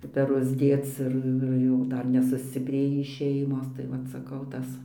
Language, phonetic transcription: Lithuanian, peˈrus ˈdėc ir ir ˈjų ˈdar nesusciˈprėjį ˈšeimos tai ˈvat saˈkau ˈtas

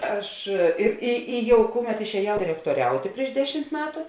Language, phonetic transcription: Lithuanian, ˈaš ir ˈi i ˈjau ˈkuˌmet išēˈjau direktoˈriautė prieš ˈdeˌšimt ˈmetu

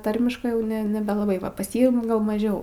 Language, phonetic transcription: Lithuanian, ˈtarmiškɜ ˈjau ˈne nebelaˈbai ˈva pas ˈjį gal maˈžiau

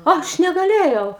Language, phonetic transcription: Lithuanian, ˈaš negaˈlėjau

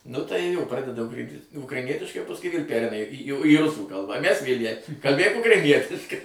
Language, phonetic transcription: Lithuanian, nu tai jo ˈpradeda ˈukra ukraiˈnietiškai o pasˈkui vėl ˈpereina į jau į ˈrusų ˈkalbą ˈmæs ˈvėl' jai kalˈbėk ukraiˈnietiškai

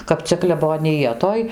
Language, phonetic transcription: Lithuanian, kap ˈcia kleboniˈja ˈtoj

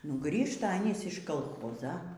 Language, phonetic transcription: Lithuanian, nu ˈgrįžta aˈnys iš kalˈchoza

